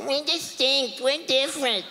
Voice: whiny voice